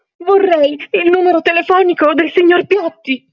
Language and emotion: Italian, fearful